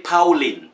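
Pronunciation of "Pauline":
'Pauline' is pronounced incorrectly here.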